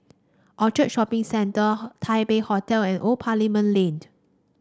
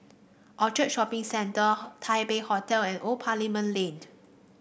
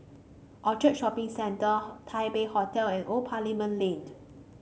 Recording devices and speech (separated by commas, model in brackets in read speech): standing microphone (AKG C214), boundary microphone (BM630), mobile phone (Samsung C5), read sentence